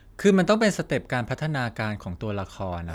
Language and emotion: Thai, neutral